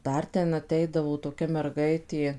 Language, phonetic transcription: Lithuanian, ˈdar ˈten aˈteidavo toˈkia merˈgaitė

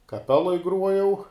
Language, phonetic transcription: Lithuanian, kaˈpeloj ˈgruojau

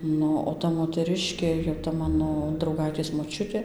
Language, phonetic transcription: Lithuanian, ˈnu o ˈta moteˈriškė jau ta ˈmano drauˈgaitės moˈčiutė

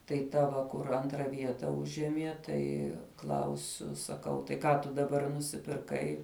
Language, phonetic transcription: Lithuanian, tai ˈta va ˈkur ˈantra ˈvieta ˈužiemie ˈtai ˈklausiu saˈkau tai ˈką tu daˈbar nusipirˈkai

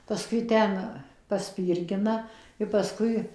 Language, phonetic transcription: Lithuanian, paˈskui ˈten paˈspyrgina i paˈskui

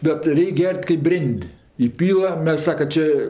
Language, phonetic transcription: Lithuanian, bet ˈreik' ˈger't' kaip ˈbrėn'd' įˈpyla ˈmes ˈsaka ˈčė

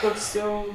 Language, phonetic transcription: Lithuanian, ˈkoks ˈjau

